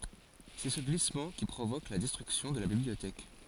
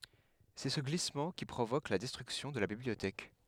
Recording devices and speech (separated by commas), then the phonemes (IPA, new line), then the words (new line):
forehead accelerometer, headset microphone, read sentence
sɛ sə ɡlismɑ̃ ki pʁovok la dɛstʁyksjɔ̃ də la bibliotɛk
C'est ce glissement qui provoque la destruction de la bibliothèque.